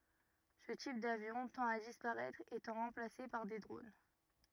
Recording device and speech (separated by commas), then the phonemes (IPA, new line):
rigid in-ear microphone, read sentence
sə tip davjɔ̃ tɑ̃t a dispaʁɛtʁ etɑ̃ ʁɑ̃plase paʁ de dʁon